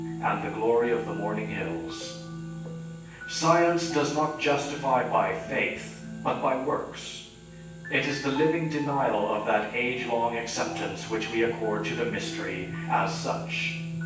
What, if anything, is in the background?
Music.